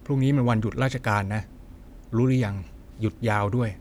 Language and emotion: Thai, neutral